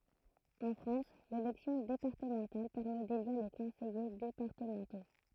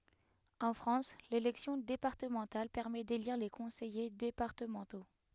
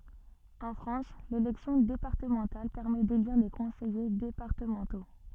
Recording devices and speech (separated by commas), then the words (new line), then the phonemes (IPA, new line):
throat microphone, headset microphone, soft in-ear microphone, read sentence
En France, l'élection départementale permet d'élire les conseillers départementaux.
ɑ̃ fʁɑ̃s lelɛksjɔ̃ depaʁtəmɑ̃tal pɛʁmɛ deliʁ le kɔ̃sɛje depaʁtəmɑ̃to